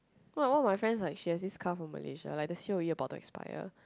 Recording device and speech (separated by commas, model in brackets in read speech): close-talking microphone, conversation in the same room